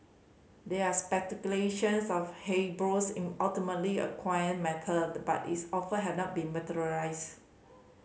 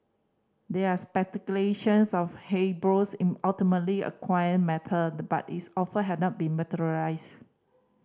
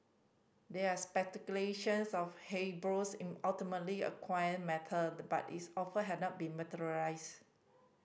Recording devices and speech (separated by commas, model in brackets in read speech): mobile phone (Samsung C5010), standing microphone (AKG C214), boundary microphone (BM630), read sentence